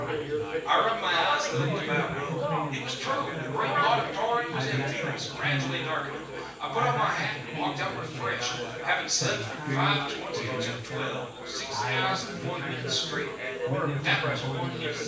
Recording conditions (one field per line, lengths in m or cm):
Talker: one person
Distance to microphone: 9.8 m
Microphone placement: far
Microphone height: 1.8 m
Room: large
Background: babble